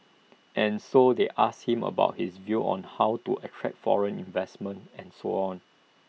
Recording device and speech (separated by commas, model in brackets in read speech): mobile phone (iPhone 6), read sentence